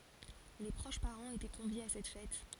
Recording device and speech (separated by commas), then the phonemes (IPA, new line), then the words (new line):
forehead accelerometer, read sentence
le pʁoʃ paʁɑ̃z etɛ kɔ̃vjez a sɛt fɛt
Les proches parents étaient conviés à cette fête.